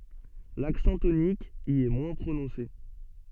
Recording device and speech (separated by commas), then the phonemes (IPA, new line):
soft in-ear microphone, read sentence
laksɑ̃ tonik i ɛ mwɛ̃ pʁonɔ̃se